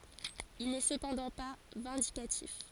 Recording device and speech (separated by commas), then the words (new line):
forehead accelerometer, read sentence
Il n’est cependant pas vindicatif.